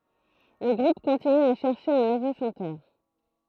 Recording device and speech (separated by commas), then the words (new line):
throat microphone, read sentence
Le groupe continue à chercher un nouveau chanteur.